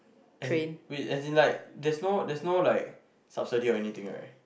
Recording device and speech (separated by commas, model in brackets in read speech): boundary microphone, conversation in the same room